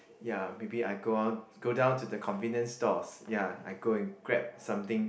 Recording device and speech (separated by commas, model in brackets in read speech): boundary microphone, conversation in the same room